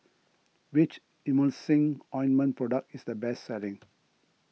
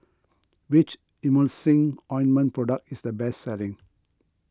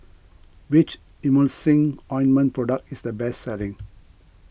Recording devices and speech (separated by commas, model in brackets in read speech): mobile phone (iPhone 6), close-talking microphone (WH20), boundary microphone (BM630), read sentence